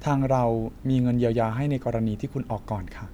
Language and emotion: Thai, neutral